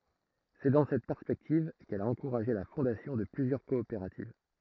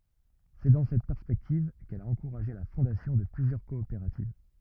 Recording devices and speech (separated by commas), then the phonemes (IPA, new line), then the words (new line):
throat microphone, rigid in-ear microphone, read sentence
sɛ dɑ̃ sɛt pɛʁspɛktiv kɛl a ɑ̃kuʁaʒe la fɔ̃dasjɔ̃ də plyzjœʁ kɔopeʁativ
C'est dans cette perspective qu'elle a encouragé la fondation de plusieurs coopératives.